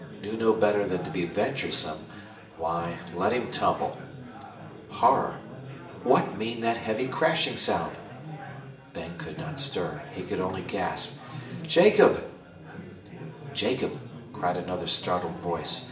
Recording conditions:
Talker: one person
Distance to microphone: 1.8 m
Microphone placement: close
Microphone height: 1.0 m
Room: large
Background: babble

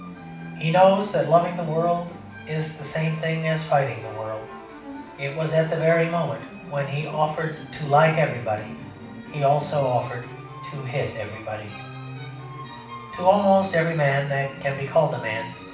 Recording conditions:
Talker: one person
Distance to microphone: 5.8 m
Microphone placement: far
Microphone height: 1.8 m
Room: medium-sized (5.7 m by 4.0 m)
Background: music

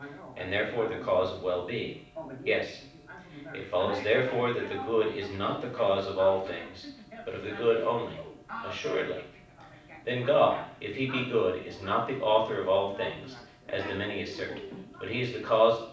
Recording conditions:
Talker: one person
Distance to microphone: 5.8 m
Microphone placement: far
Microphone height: 1.8 m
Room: medium-sized (5.7 m by 4.0 m)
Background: television

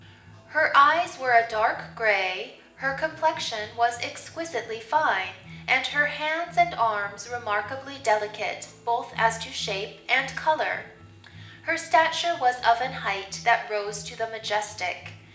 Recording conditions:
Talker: one person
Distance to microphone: 1.8 m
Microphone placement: close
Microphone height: 1.0 m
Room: large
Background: music

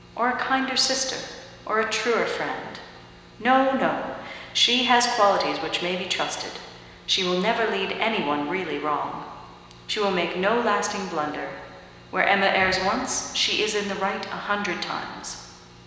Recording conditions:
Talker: one person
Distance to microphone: 1.7 m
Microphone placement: close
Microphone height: 1.0 m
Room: very reverberant, large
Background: none

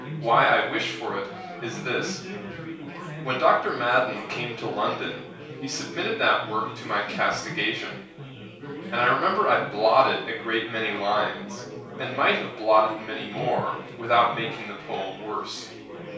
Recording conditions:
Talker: one person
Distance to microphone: 3.0 m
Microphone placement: far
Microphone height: 1.8 m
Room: small (3.7 m by 2.7 m)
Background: babble

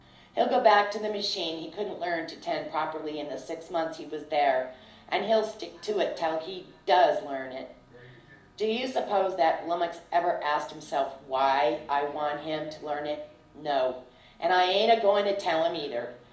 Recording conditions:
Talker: one person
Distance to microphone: 2.0 m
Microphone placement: close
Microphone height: 99 cm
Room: medium-sized (5.7 m by 4.0 m)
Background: television

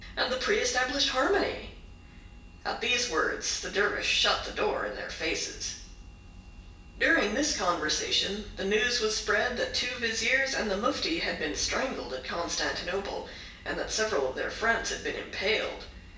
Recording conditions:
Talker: one person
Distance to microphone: 1.8 m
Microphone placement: close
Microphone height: 1.0 m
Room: large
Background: none

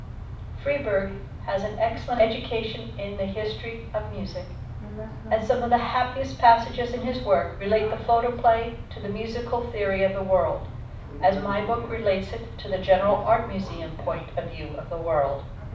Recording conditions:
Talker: one person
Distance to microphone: 5.8 m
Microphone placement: far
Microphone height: 1.8 m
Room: medium-sized (5.7 m by 4.0 m)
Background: television

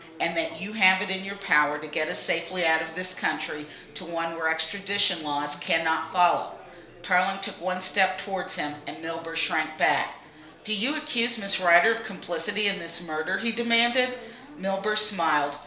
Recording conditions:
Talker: one person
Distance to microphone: 1.0 m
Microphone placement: close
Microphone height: 1.1 m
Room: small (3.7 m by 2.7 m)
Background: babble

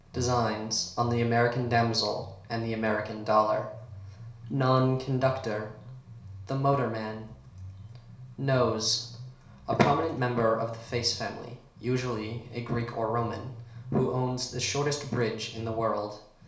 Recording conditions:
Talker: one person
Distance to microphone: 1.0 m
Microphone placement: close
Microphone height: 1.1 m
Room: small (3.7 m by 2.7 m)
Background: music

